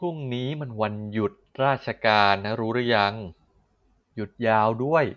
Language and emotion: Thai, frustrated